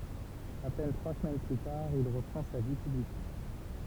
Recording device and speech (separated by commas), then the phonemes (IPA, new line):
temple vibration pickup, read sentence
a pɛn tʁwa səmɛn ply taʁ il ʁəpʁɑ̃ sa vi pyblik